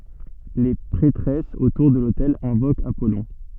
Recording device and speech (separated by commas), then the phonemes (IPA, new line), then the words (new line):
soft in-ear microphone, read sentence
le pʁɛtʁɛsz otuʁ də lotɛl ɛ̃vokt apɔlɔ̃
Les prêtresses, autour de l'autel, invoquent Apollon.